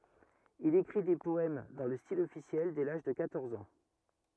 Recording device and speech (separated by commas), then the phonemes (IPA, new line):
rigid in-ear microphone, read sentence
il ekʁi de pɔɛm dɑ̃ lə stil ɔfisjɛl dɛ laʒ də kwatɔʁz ɑ̃